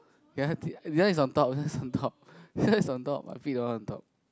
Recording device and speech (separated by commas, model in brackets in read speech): close-talking microphone, conversation in the same room